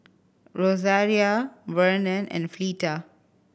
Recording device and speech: boundary microphone (BM630), read sentence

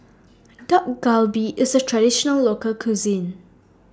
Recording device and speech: standing microphone (AKG C214), read sentence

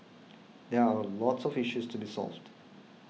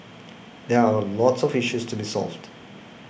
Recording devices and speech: mobile phone (iPhone 6), boundary microphone (BM630), read sentence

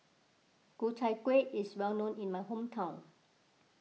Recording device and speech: mobile phone (iPhone 6), read sentence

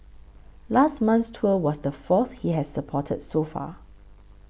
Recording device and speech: boundary microphone (BM630), read sentence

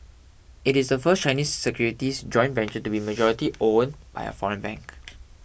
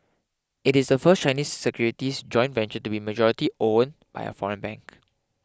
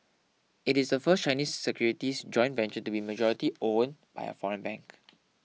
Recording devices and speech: boundary microphone (BM630), close-talking microphone (WH20), mobile phone (iPhone 6), read sentence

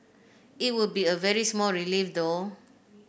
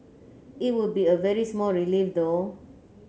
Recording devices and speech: boundary microphone (BM630), mobile phone (Samsung C9), read sentence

